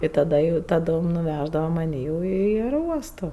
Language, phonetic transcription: Lithuanian, i taˈda jau taˈdom nuˈvæždava maˈnį jau i aeroˈuosto

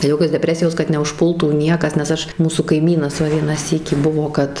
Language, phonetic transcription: Lithuanian, ˈjokios deˈpresijos kad neužˈpultų ˈniekas nes ˈaš ˈmūsų kaiˈmynas ˈva ˈvieną ˈsykį ˈbuvo kad

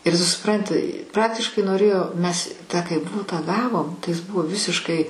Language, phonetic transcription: Lithuanian, ir ˈtu suˈpranti ˈpraktiškai noˈrėjo ˈmes ˈtą kai ˈbutą ˈgavom tai jis ˈbuvo ˈvisiškai

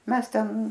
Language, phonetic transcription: Lithuanian, ˈmes ˈten

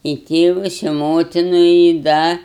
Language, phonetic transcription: Lithuanian, i ˈtėvas i ˈmotinu i ˈda

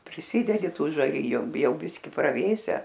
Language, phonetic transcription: Lithuanian, priˈsidedi ˈtų žaˈriju ˈjau ˈbiski praˈvėse

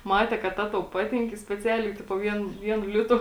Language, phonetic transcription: Lithuanian, ˈmate kad ˈta tau ˈpatink i speˈcialiai ˈtipo ˈvien ˈvienu ˈlitu

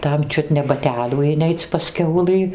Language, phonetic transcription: Lithuanian, ˈtam ˈčiut ne baˈtelių iˈneic' pas ˈkiaulɨ

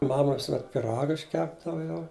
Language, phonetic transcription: Lithuanian, ˈmama visuˈmet piˈraga išˈkepdava jau

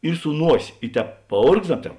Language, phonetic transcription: Lithuanian, ir su ˈnuosė i ˈtēp paˈorgzdams ˈtēp

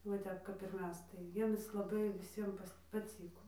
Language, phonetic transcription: Lithuanian, va ˈtep kap ir ˈmes tai ˈjiemis laˈbai viˈsiem paˈcyko

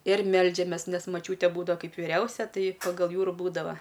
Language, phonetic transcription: Lithuanian, ir ˈmeldžiamės nes maˈčiūtė ˈbūdava ˈkaip viˈriausia ˈtai pagal ˈjų ir ˈbūdava

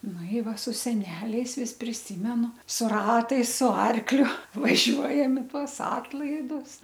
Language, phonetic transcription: Lithuanian, ˈnu i ˈva su seˈneliais ˈvis priˈsymenu su ˈratais su ˈarkliu vaˈžiuojam i ˈtuos ˈatlaidus

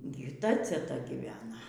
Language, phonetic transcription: Lithuanian, ˈgi ir ˈta ceˈta gyˈvena

